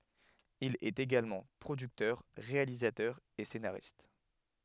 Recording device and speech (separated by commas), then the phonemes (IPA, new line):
headset microphone, read sentence
il ɛt eɡalmɑ̃ pʁodyktœʁ ʁealizatœʁ e senaʁist